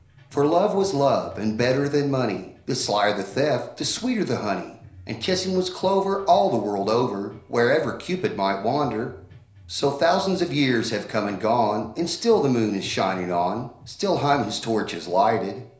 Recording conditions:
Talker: one person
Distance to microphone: 1.0 m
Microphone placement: close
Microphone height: 1.1 m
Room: small (3.7 m by 2.7 m)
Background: music

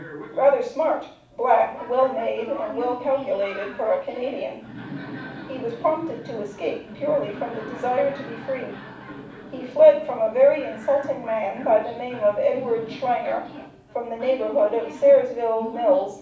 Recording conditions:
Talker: one person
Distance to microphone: 5.8 m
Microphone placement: far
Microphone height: 1.8 m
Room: medium-sized (5.7 m by 4.0 m)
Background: television

